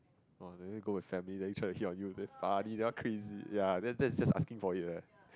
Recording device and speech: close-talking microphone, conversation in the same room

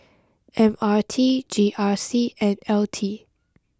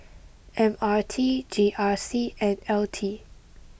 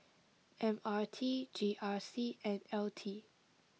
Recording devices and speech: close-talking microphone (WH20), boundary microphone (BM630), mobile phone (iPhone 6), read sentence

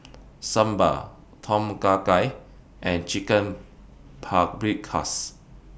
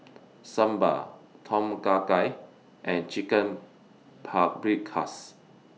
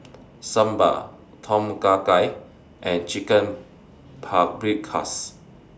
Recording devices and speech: boundary microphone (BM630), mobile phone (iPhone 6), standing microphone (AKG C214), read sentence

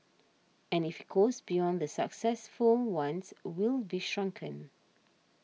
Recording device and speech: mobile phone (iPhone 6), read sentence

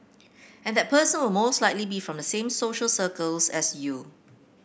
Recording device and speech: boundary microphone (BM630), read sentence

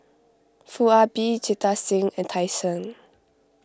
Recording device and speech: close-talking microphone (WH20), read sentence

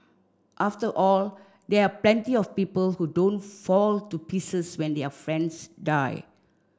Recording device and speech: standing microphone (AKG C214), read sentence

